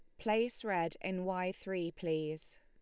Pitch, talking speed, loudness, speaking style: 185 Hz, 150 wpm, -37 LUFS, Lombard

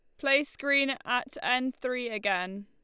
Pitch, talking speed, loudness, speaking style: 250 Hz, 150 wpm, -29 LUFS, Lombard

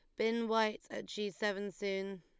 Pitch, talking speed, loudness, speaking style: 205 Hz, 180 wpm, -37 LUFS, Lombard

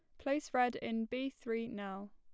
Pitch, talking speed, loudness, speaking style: 235 Hz, 185 wpm, -38 LUFS, plain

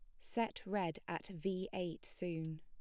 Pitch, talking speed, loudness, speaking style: 185 Hz, 150 wpm, -42 LUFS, plain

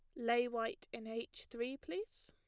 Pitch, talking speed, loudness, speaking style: 240 Hz, 175 wpm, -41 LUFS, plain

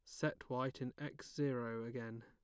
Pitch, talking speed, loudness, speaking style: 130 Hz, 175 wpm, -43 LUFS, plain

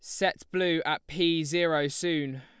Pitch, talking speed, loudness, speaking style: 165 Hz, 165 wpm, -28 LUFS, Lombard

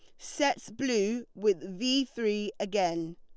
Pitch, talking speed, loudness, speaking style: 210 Hz, 120 wpm, -30 LUFS, Lombard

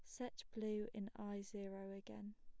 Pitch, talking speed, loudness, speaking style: 205 Hz, 165 wpm, -49 LUFS, plain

